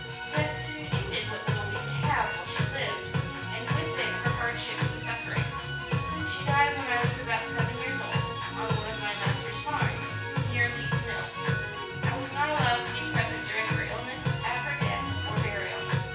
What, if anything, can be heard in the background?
Music.